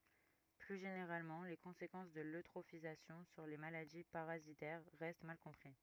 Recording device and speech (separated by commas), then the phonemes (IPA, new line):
rigid in-ear microphone, read sentence
ply ʒeneʁalmɑ̃ le kɔ̃sekɑ̃s də løtʁofizasjɔ̃ syʁ le maladi paʁazitɛʁ ʁɛst mal kɔ̃pʁi